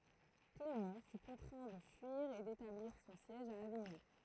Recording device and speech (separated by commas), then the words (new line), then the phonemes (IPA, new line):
throat microphone, read sentence
Clément fut contraint de fuir et d'établir son siège à Avignon.
klemɑ̃ fy kɔ̃tʁɛ̃ də fyiʁ e detabliʁ sɔ̃ sjɛʒ a aviɲɔ̃